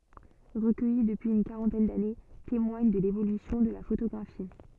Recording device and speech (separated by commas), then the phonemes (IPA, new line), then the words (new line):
soft in-ear microphone, read sentence
ʁəkœji dəpyiz yn kaʁɑ̃tɛn dane temwaɲ də levolysjɔ̃ də la fotoɡʁafi
Recueillis depuis une quarantaine d'années, témoignent de l'évolution de la photographie.